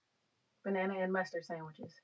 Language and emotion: English, disgusted